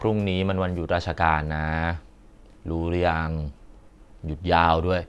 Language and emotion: Thai, frustrated